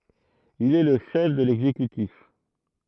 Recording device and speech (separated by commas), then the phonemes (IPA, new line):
throat microphone, read sentence
il ɛ lə ʃɛf də lɛɡzekytif